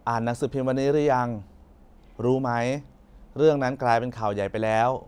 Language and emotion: Thai, neutral